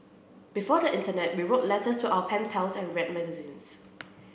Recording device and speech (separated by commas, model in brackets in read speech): boundary microphone (BM630), read sentence